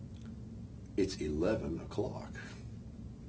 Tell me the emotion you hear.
neutral